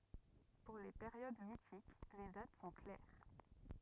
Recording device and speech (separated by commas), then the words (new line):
rigid in-ear microphone, read sentence
Pour les périodes mythiques, les dates sont claires.